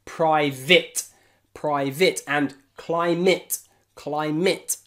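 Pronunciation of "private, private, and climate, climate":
In 'private' and 'climate', the a in the last syllable is said as a short i sound.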